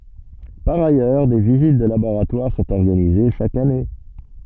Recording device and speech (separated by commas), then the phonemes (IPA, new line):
soft in-ear microphone, read sentence
paʁ ajœʁ de vizit də laboʁatwaʁ sɔ̃t ɔʁɡanize ʃak ane